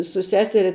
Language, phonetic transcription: Lithuanian, su ˈseseria

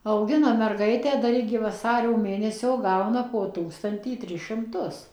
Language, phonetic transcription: Lithuanian, auˈgina merˈgaitę ˈdar igi vaˈsario ˈmėnesio ˈgauna po ˈtūkstantį ˈtris šimˈtus

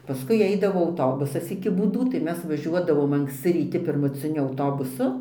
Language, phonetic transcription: Lithuanian, paˈskui ˈaidavo auˈtobusas iki būˈdų tai ˈmes vaˈžiuodavom anksˈci ryˈti pirmuciˈniu auˈtobusu

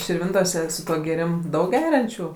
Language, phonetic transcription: Lithuanian, širˈvintose su ˈtuo gėˈrim ˈdaug ˈgeriančių

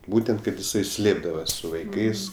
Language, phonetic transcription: Lithuanian, ˈbūtent kad jiˈsai ˈslėpdavas su vaiˈkais

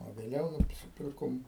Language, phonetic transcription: Lithuanian, o vėˈliau nusiˈpirkom

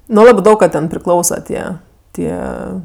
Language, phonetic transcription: Lithuanian, nu ˈlabɜ ˈdaug ka ˈten priˈklausa ˈtie ˈtie

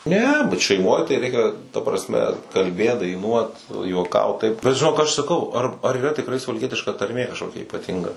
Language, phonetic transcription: Lithuanian, ˈne bet šeiˈmoj tai ˈreikia ta prasˈme kalˈbėt daiˈnuot nu juoˈkaut taip bet žiˈnok aš saˈkau ar ar yˈra tikˈrai suvalˈkietiška tarˈmė kažˈkokia ypaˈtinga

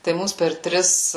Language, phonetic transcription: Lithuanian, tai ˈmūs per ˈtris

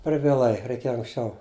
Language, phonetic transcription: Lithuanian, per vieˈlai reiˈkėja anksˈčiau

